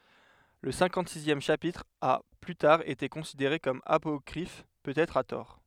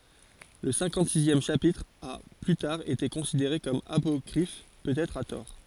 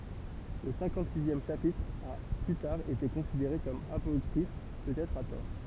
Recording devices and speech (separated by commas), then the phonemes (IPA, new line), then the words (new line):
headset microphone, forehead accelerometer, temple vibration pickup, read sentence
lə sɛ̃kɑ̃tzizjɛm ʃapitʁ a ply taʁ ete kɔ̃sideʁe kɔm apɔkʁif pøtɛtʁ a tɔʁ
Le cinquante-sixième chapitre a plus tard été considéré comme apocryphe, peut-être à tort.